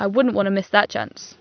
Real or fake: real